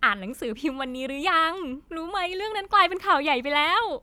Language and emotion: Thai, happy